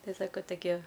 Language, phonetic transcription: Lithuanian, ˈtai ˈsako toˈkie

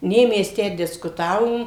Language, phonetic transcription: Lithuanian, ˈnė ˈmes ˈtę diskuˈtavom

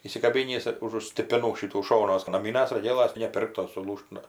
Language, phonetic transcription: Lithuanian, įsikaˈbinįs užu stipiˈnų ˈšitų ˈšonuos naˈmynas roˈgėlas tai ne ˈpirktos suˈlūžt ˈnu

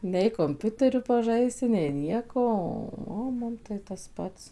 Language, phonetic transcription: Lithuanian, nei komˈpiuteriu paˈžaisi nei ˈnieko ˈo o ˈmum tai tas ˈpats

